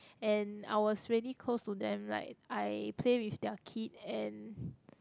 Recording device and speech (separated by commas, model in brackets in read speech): close-talking microphone, conversation in the same room